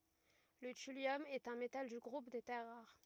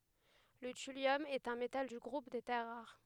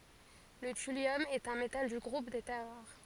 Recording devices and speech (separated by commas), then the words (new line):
rigid in-ear microphone, headset microphone, forehead accelerometer, read sentence
Le thulium est un métal du groupe des terres rares.